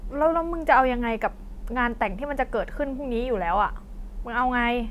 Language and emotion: Thai, frustrated